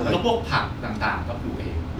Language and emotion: Thai, neutral